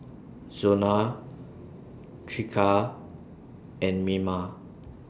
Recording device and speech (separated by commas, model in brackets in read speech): standing microphone (AKG C214), read sentence